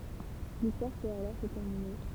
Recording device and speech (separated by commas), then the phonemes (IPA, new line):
temple vibration pickup, read sentence
listwaʁ pøt alɔʁ sə tɛʁmine